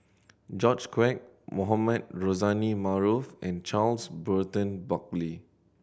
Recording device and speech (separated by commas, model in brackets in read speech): boundary microphone (BM630), read sentence